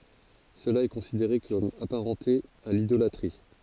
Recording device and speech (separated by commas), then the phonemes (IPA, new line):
forehead accelerometer, read sentence
səla ɛ kɔ̃sideʁe kɔm apaʁɑ̃te a lidolatʁi